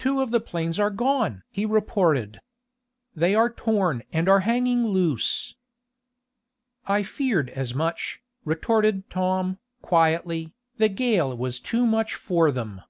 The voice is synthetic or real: real